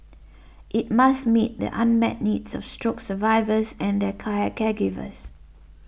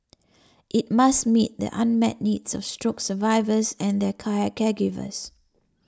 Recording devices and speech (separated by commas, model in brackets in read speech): boundary microphone (BM630), standing microphone (AKG C214), read sentence